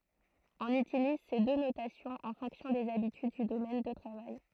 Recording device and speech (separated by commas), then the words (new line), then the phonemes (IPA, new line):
throat microphone, read sentence
On utilise ces deux notations en fonction des habitudes du domaine de travail.
ɔ̃n ytiliz se dø notasjɔ̃z ɑ̃ fɔ̃ksjɔ̃ dez abityd dy domɛn də tʁavaj